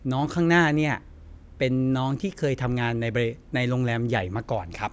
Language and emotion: Thai, neutral